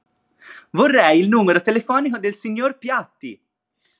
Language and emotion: Italian, happy